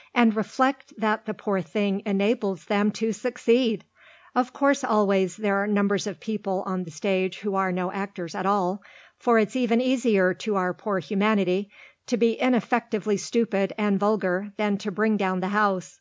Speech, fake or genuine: genuine